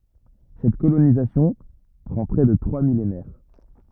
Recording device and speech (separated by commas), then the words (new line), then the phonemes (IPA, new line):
rigid in-ear microphone, read sentence
Cette colonisation prend près de trois millénaires.
sɛt kolonizasjɔ̃ pʁɑ̃ pʁɛ də tʁwa milenɛʁ